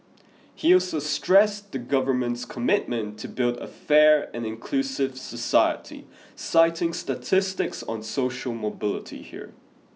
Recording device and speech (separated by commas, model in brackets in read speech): mobile phone (iPhone 6), read sentence